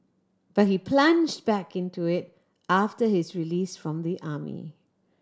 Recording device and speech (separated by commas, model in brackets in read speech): standing microphone (AKG C214), read sentence